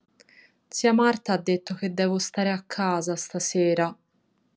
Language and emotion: Italian, sad